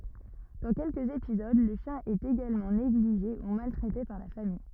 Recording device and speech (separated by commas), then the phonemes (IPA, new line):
rigid in-ear microphone, read sentence
dɑ̃ kɛlkəz epizod lə ʃjɛ̃ ɛt eɡalmɑ̃ neɡliʒe u maltʁɛte paʁ la famij